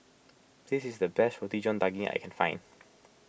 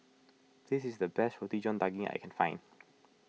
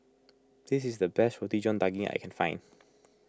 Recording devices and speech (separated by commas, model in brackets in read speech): boundary microphone (BM630), mobile phone (iPhone 6), close-talking microphone (WH20), read sentence